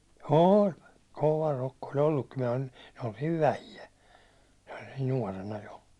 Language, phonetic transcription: Finnish, ooĺ , 'kova rokko ol ‿ollukkim minᵃ̈ ᴼli , m(yö) oltiiv "vähijä , nuårena jo .
- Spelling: oli kova rokko oli ollutkin minä oli me oltiin vähiä nuorena jo

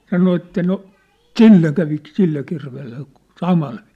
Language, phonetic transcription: Finnish, 'sano että no , 'ᵗsille kävi , 'sille kirveelle , "samal vɪɪ(s) .
- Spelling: sanoi että no sille kävi sille kirveelle samalla viisiin

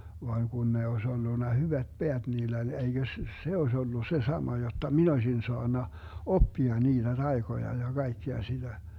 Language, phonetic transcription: Finnish, vaaŋ 'Gun ne oes 'ollunna "hyvät "Beät 'niill ‿oĺ 'eiGös s - 'se oes ollu se 'sama jotta "min ‿ośin 'soanna , "oppia 'niiDä 'Dai̮Goja ja 'Gai̮kkea siDä .
- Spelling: vaan kun ne olisi ollut hyvät päät niillä oli eikös - se olisi ollut se sama jotta minä olisin saanut oppia niitä taikoja ja kaikkea sitä

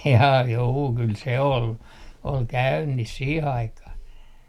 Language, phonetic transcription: Finnish, jaa 'juu , kyl "se ol , 'ol "käynnis 'sii'h ‿aikah .
- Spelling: jaa juu kyllä se oli oli käynnissä siihen aikaan

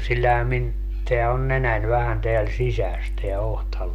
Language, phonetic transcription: Finnish, 'sillähä min , teä on 'nenän vähän 'teäl "sisäs teä 'ohtaluu .
- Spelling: sillähän minun tämä on nenän vähän täällä sisässä tämä otsaluu

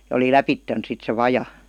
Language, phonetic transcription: Finnish, ja oli "läpitten sit se "vaja .
- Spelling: ja oli lävitse sitten se vaja

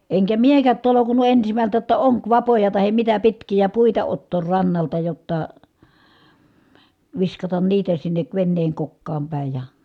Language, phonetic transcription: Finnish, eŋkä miekät tolokun̆nu ensimältä jotta oŋkvapoja tahem mitä pitkijä puita ottoor rannalta jotta , viskatan niitä sinnek venneeŋ kokkaam pä̀i̮ ja ,.
- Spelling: enkä minäkään tolkunnut ensimmältä jotta onkivapoja tai mitä pitkiä puita ottaa rannalta jotta viskataan niitä sinne veneen kokkaan päin ja

